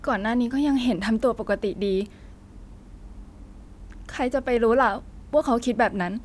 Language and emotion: Thai, sad